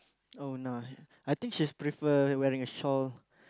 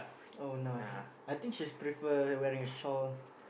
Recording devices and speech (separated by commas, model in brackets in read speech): close-talking microphone, boundary microphone, conversation in the same room